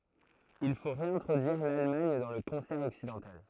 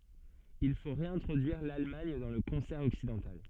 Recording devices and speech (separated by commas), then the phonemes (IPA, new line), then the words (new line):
throat microphone, soft in-ear microphone, read sentence
il fo ʁeɛ̃tʁodyiʁ lalmaɲ dɑ̃ lə kɔ̃sɛʁ ɔksidɑ̃tal
Il faut réintroduire l’Allemagne dans le concert occidental.